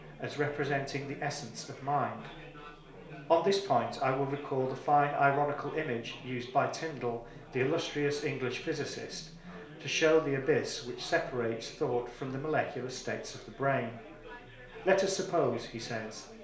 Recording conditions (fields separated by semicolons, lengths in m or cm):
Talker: one person; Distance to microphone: 1.0 m; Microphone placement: close; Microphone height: 1.1 m; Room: small (3.7 m by 2.7 m); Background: babble